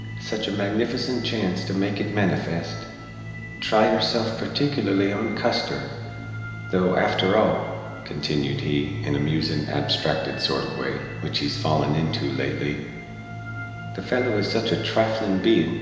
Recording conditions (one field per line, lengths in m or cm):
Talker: one person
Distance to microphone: 1.7 m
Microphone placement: close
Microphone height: 1.0 m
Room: very reverberant, large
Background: music